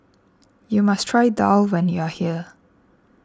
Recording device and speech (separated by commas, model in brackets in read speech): standing microphone (AKG C214), read sentence